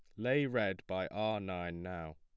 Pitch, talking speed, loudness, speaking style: 95 Hz, 185 wpm, -37 LUFS, plain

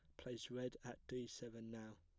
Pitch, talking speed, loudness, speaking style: 115 Hz, 200 wpm, -51 LUFS, plain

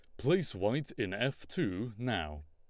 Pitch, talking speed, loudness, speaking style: 115 Hz, 160 wpm, -34 LUFS, Lombard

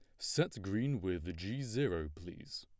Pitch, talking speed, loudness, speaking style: 95 Hz, 150 wpm, -38 LUFS, plain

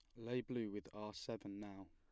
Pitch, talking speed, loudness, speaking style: 105 Hz, 210 wpm, -47 LUFS, plain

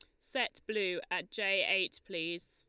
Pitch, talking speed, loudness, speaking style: 185 Hz, 155 wpm, -34 LUFS, Lombard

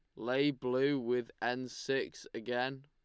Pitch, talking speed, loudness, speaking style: 130 Hz, 135 wpm, -35 LUFS, Lombard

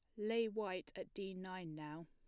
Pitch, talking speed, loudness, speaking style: 185 Hz, 195 wpm, -44 LUFS, plain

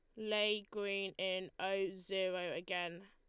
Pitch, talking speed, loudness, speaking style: 190 Hz, 125 wpm, -39 LUFS, Lombard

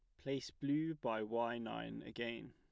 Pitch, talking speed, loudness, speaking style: 120 Hz, 155 wpm, -42 LUFS, plain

